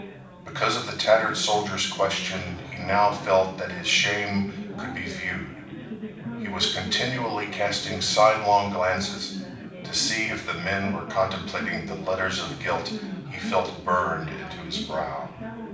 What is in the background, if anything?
Crowd babble.